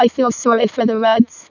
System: VC, vocoder